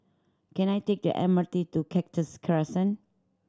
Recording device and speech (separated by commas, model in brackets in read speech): standing microphone (AKG C214), read sentence